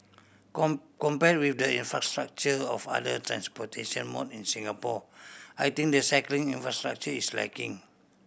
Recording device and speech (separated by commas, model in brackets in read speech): boundary microphone (BM630), read sentence